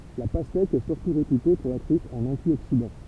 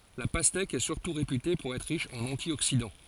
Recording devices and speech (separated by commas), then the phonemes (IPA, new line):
temple vibration pickup, forehead accelerometer, read sentence
la pastɛk ɛ syʁtu ʁepyte puʁ ɛtʁ ʁiʃ ɑ̃n ɑ̃tjoksidɑ̃